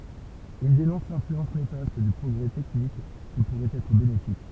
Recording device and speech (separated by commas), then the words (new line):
temple vibration pickup, read sentence
Il dénonce l'influence néfaste du progrès technique qui pourrait être bénéfique.